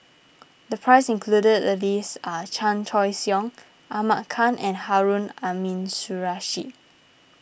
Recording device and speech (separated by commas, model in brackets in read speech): boundary microphone (BM630), read sentence